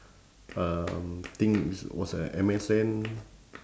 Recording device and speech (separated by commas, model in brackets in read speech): standing microphone, conversation in separate rooms